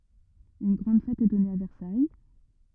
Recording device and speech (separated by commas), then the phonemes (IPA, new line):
rigid in-ear microphone, read sentence
yn ɡʁɑ̃d fɛt ɛ dɔne a vɛʁsaj